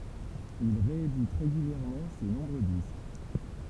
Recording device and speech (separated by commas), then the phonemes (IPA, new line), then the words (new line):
temple vibration pickup, read sentence
il ʁeedit ʁeɡyljɛʁmɑ̃ se nɔ̃bʁø disk
Il réédite régulièrement ses nombreux disques.